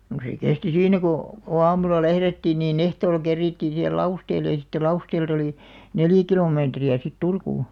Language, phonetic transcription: Finnish, no se 'kesti "siinnä kò , ko 'aamula 'lährettiin nii'n ‿ehtoolᵃ 'kerriittiin sihel "Lausteelle ja sⁱtte "Lausteel't ‿olì , "neljᵃ̈ 'kilòmeetri₍ä sit "Turkuu .
- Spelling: no se kesti siinä kun kun aamulla lähdettiin niin ehtoolla kerittiin siihen Lausteelle ja sitten Lausteelta oli neljä kilometriä sitten Turkuun

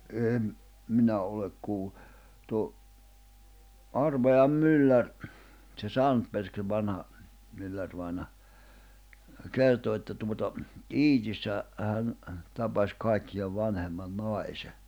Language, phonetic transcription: Finnish, 'èm , 'minä olek kuu(llu) , tuo , 'Arvajam 'myllär , tse "Santperki 'vanha , 'myllärvàina , "kerto että tuota , "Iitissä , 'hän , tapas 'kàikki₍av 'vanhemman "nai̬se .
- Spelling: en minä ole kuullut tuo Arvajan mylläri se Sandberg vanha myllärivainaja kertoi että tuota Iitissä hän tapasi kaikkien vanhemman naisen

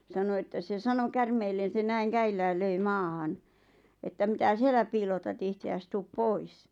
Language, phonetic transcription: Finnish, 'sano että se 'sano "kärmeellen̬ se 'näiŋ 'käillääl 'löi "maahan , että » mⁱtä "siellä piilotat ihte₍äs 'tuup "pois « .
- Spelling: sanoi että se sanoi käärmeelle se näin käsillään löi maahan että mitä siellä piilotat itseäsi tule pois

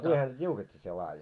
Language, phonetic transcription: Finnish, no 'kui häntä 't́iuket́t́ii sie laaje .
- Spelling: no kuinka häntä tiukettiin sinä laadi

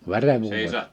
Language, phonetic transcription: Finnish, 'verevvuuw(en) ?
- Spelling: verenvuodon

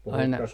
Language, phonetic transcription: Finnish, aina ...
- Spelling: aina

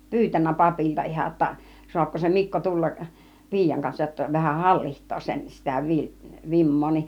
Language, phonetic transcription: Finnish, pyytännä "papilta 'iha ‿°tta , » 'su̬apko se "Mikko "tulla(k) , "pi̬ijaŋ 'kansaj jotta 'vähäh "halliht̆too 'sen , 'sitä 'vi- , "vim̀moo nin « .
- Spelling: pyytänyt papilta ihan jotta saako se Mikko tulla piian kanssa jotta vähän hallitsee sen sitä - vimmaa niin

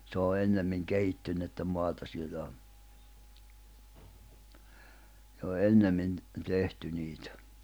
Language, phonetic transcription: Finnish, se o 'ennemmiŋ 'kehittynnettä 'moata siellä o , jo 'ennemmin , 'tehty 'niitᴀ̈ .
- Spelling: se on ennemmin kehittynyttä maata siellä on jo ennemmin tehty niitä

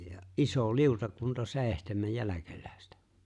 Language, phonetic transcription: Finnish, ja "’iso "liutakunta "se̬e̬ⁱhtemej "jäläkelä̀estä .
- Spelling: ja iso liutakunta seitsemän jälkeläistä

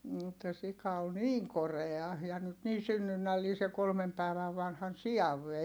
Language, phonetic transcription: Finnish, (et)tä sika ol niiŋ korea , ja nyt nii synnynnällii se kolmem pä̀i̮väv vanhan si₍av vei .
- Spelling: että sika oli niin korea ja nyt niin synnynnällinen se kolme päivää vanhan sian vei

